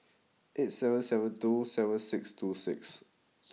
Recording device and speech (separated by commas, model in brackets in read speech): mobile phone (iPhone 6), read sentence